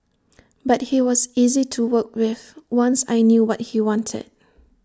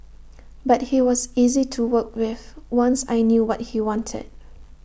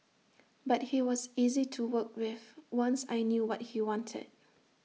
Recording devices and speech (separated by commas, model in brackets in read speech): standing microphone (AKG C214), boundary microphone (BM630), mobile phone (iPhone 6), read sentence